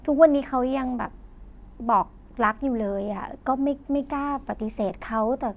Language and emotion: Thai, frustrated